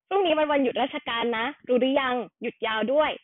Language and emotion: Thai, neutral